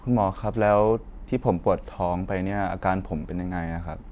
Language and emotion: Thai, frustrated